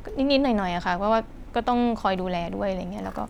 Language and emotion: Thai, neutral